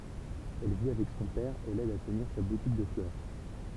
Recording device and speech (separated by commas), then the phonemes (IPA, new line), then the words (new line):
temple vibration pickup, read sentence
ɛl vi avɛk sɔ̃ pɛʁ e lɛd a təniʁ sa butik də flœʁ
Elle vit avec son père et l'aide à tenir sa boutique de fleurs.